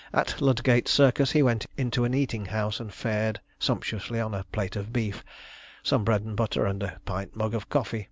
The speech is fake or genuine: genuine